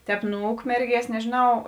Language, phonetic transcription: Lithuanian, ˈtēp nu ˈukmerˌgies nežėˈnau

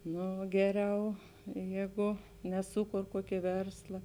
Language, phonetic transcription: Lithuanian, ˈno ˈgeˌriau ˈjėˌgu neˈsūˌkor ˈkuokė ˈversla

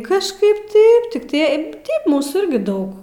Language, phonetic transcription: Lithuanian, kažˈkaip ˈtaip tik tie ˈteip ˈmūsų ˈirgi ˈdaug

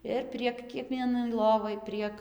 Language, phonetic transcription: Lithuanian, ˈir prieg kieˈkvienai ˈlovai ˈprieg

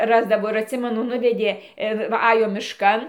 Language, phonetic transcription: Lithuanian, ˈrasdavo ir atˈsimenu ˈnuvedė ˈir va ˈajo mišˈkan

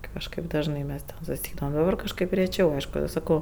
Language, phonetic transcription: Lithuanian, ˈkažkaip ˈdažnai ˈmes ten susiˈeidavam o ˈdabar kažˈkaip reˈčiau ˈaišku saˈkau

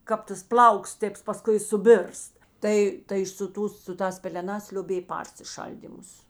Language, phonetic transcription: Lithuanian, ˈkap tas ˈplauks ˈtėps paˈskui suˈbirst ˈtai tai su ˈtūs su ˈtās peleˈnās lioˈbėj ˈparsiˌšaldymus

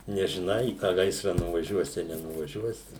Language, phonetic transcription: Lithuanian, nežiˈnai į tą ˈgaisra nuvaˈžiuosi a nenuvaˈžiuosi

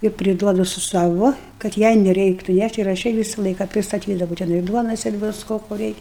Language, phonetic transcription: Lithuanian, ir priˈduodu su ˈsavo kad ˈjai neˈreiktu ˈnæš't' ir aš ˈjai ˈvysa ˈlaika pristaˈtydavau teˈnai ˈduonos ir ˈvisko ko ˈreik'

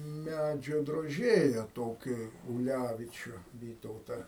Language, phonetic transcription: Lithuanian, ˈmædžio droˈžėja ˈtokį uˈlævičiu ˈvytauta

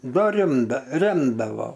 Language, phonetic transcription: Lithuanian, ˈda ˈrimda ˈremdavo

